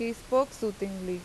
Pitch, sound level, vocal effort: 215 Hz, 85 dB SPL, normal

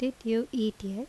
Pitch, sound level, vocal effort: 230 Hz, 80 dB SPL, normal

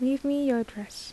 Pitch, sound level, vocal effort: 255 Hz, 78 dB SPL, soft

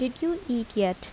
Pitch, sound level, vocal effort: 245 Hz, 77 dB SPL, soft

